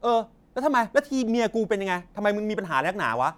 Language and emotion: Thai, angry